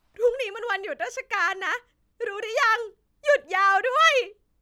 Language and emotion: Thai, happy